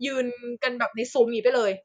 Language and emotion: Thai, neutral